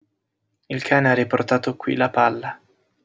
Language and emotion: Italian, sad